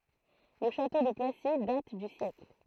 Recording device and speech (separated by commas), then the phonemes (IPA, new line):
throat microphone, read sentence
lə ʃato də plasi dat dy sjɛkl